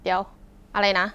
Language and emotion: Thai, frustrated